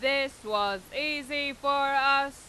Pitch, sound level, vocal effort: 275 Hz, 101 dB SPL, very loud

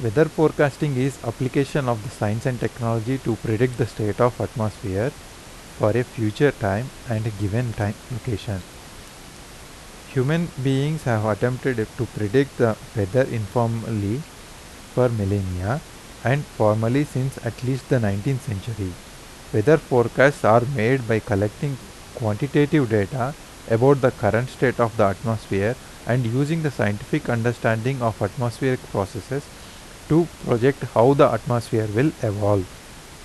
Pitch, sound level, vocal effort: 120 Hz, 83 dB SPL, normal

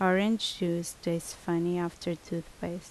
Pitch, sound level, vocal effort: 170 Hz, 75 dB SPL, normal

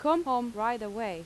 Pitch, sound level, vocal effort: 230 Hz, 89 dB SPL, normal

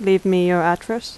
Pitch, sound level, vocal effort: 190 Hz, 82 dB SPL, normal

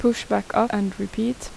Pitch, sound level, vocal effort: 225 Hz, 79 dB SPL, normal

